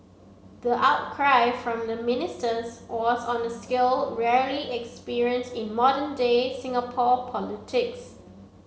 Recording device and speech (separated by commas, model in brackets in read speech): mobile phone (Samsung C7), read sentence